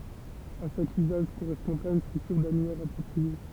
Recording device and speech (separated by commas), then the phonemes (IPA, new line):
temple vibration pickup, read sentence
a ʃak yzaʒ koʁɛspɔ̃dʁa yn stʁyktyʁ danyɛʁ apʁɔpʁie